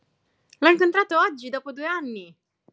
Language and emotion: Italian, happy